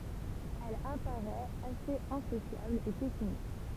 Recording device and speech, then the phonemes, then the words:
temple vibration pickup, read sentence
ɛl apaʁɛt asez ɛ̃sosjabl e pɛsimist
Elle apparaît assez insociable et pessimiste.

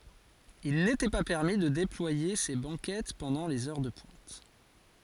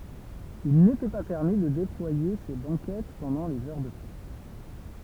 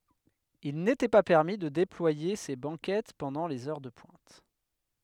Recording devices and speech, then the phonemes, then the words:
forehead accelerometer, temple vibration pickup, headset microphone, read sentence
il netɛ pa pɛʁmi də deplwaje se bɑ̃kɛt pɑ̃dɑ̃ lez œʁ də pwɛ̃t
Il n'était pas permis de déployer ces banquettes pendant les heures de pointe.

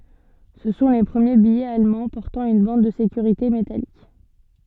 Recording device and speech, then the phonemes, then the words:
soft in-ear microphone, read sentence
sə sɔ̃ le pʁəmje bijɛz almɑ̃ pɔʁtɑ̃ yn bɑ̃d də sekyʁite metalik
Ce sont les premiers billets allemands portant une bande de sécurité métallique.

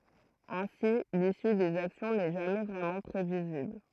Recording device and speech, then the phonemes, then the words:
throat microphone, read sentence
ɛ̃si lisy dez aksjɔ̃ nɛ ʒamɛ vʁɛmɑ̃ pʁevizibl
Ainsi, l’issue des actions n’est jamais vraiment prévisible.

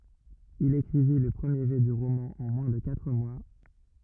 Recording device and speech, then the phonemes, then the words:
rigid in-ear microphone, read sentence
il ekʁivi lə pʁəmje ʒɛ dy ʁomɑ̃ ɑ̃ mwɛ̃ də katʁ mwa
Il écrivit le premier jet du roman en moins de quatre mois.

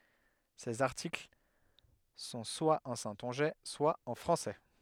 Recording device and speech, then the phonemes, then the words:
headset microphone, read sentence
sez aʁtikl sɔ̃ swa ɑ̃ sɛ̃tɔ̃ʒɛ swa ɑ̃ fʁɑ̃sɛ
Ses articles sont soit en saintongeais, soit en français.

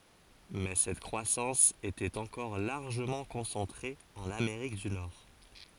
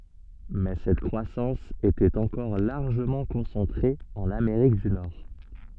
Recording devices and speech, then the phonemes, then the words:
forehead accelerometer, soft in-ear microphone, read sentence
mɛ sɛt kʁwasɑ̃s etɛt ɑ̃kɔʁ laʁʒəmɑ̃ kɔ̃sɑ̃tʁe ɑ̃n ameʁik dy nɔʁ
Mais cette croissance était encore largement concentrée en Amérique du Nord.

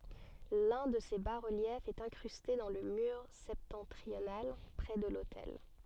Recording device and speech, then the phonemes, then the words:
soft in-ear microphone, read sentence
lœ̃ də se ba ʁəljɛfz ɛt ɛ̃kʁyste dɑ̃ lə myʁ sɛptɑ̃tʁional pʁɛ də lotɛl
L’un de ces bas-reliefs est incrusté dans le mur septentrional, près de l’autel.

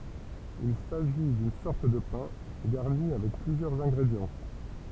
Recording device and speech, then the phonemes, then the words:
temple vibration pickup, read sentence
il saʒi dyn sɔʁt də pɛ̃ ɡaʁni avɛk plyzjœʁz ɛ̃ɡʁedjɑ̃
Il s'agit d'une sorte de pain, garni avec plusieurs ingrédients.

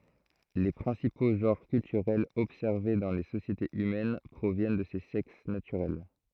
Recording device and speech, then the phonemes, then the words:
throat microphone, read sentence
le pʁɛ̃sipo ʒɑ̃ʁ kyltyʁɛlz ɔbsɛʁve dɑ̃ le sosjetez ymɛn pʁovjɛn də se sɛks natyʁɛl
Les principaux genres culturels observés dans les sociétés humaines proviennent de ces sexes naturels.

